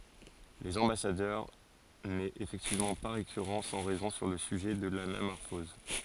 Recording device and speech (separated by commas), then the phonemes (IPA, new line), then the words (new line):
forehead accelerometer, read sentence
lez ɑ̃basadœʁ nɛt efɛktivmɑ̃ pa ʁekyʁɑ̃ sɑ̃ ʁɛzɔ̃ syʁ lə syʒɛ də lanamɔʁfɔz
Les Ambassadeurs n'est effectivement pas récurrent sans raison sur le sujet de l'anamorphose.